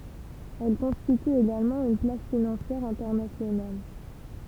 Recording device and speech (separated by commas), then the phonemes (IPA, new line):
temple vibration pickup, read sentence
ɛl kɔ̃stity eɡalmɑ̃ yn plas finɑ̃sjɛʁ ɛ̃tɛʁnasjonal